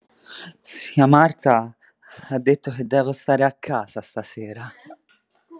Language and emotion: Italian, fearful